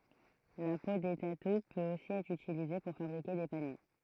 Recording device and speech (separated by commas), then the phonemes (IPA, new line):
throat microphone, read sentence
la po de tatu pøt osi ɛtʁ ytilize puʁ fabʁike de panje